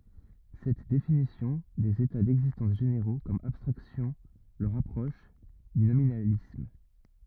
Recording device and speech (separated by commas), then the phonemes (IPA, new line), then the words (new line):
rigid in-ear microphone, read sentence
sɛt definisjɔ̃ dez eta dɛɡzistɑ̃s ʒeneʁo kɔm abstʁaksjɔ̃ lə ʁapʁɔʃ dy nominalism
Cette définition des états d'existence généraux comme abstractions le rapproche du nominalisme.